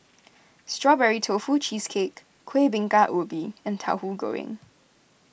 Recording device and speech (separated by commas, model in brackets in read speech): boundary microphone (BM630), read sentence